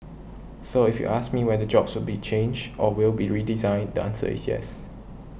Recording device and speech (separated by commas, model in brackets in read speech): boundary microphone (BM630), read sentence